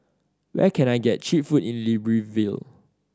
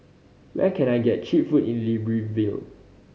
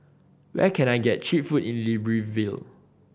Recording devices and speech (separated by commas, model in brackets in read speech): standing microphone (AKG C214), mobile phone (Samsung C5010), boundary microphone (BM630), read sentence